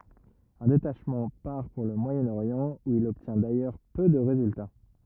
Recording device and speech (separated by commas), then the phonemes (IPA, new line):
rigid in-ear microphone, read sentence
œ̃ detaʃmɑ̃ paʁ puʁ lə mwajənoʁjɑ̃ u il ɔbtjɛ̃ dajœʁ pø də ʁezylta